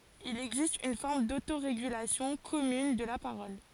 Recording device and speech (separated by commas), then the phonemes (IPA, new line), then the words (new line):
forehead accelerometer, read sentence
il ɛɡzist yn fɔʁm dotoʁeɡylasjɔ̃ kɔmyn də la paʁɔl
Il existe une forme d’autorégulation commune de la parole.